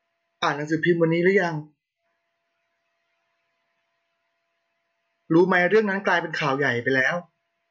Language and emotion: Thai, frustrated